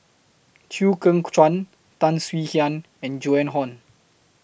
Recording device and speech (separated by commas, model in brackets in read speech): boundary microphone (BM630), read sentence